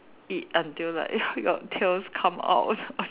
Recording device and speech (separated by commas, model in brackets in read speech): telephone, conversation in separate rooms